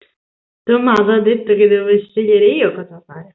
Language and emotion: Italian, neutral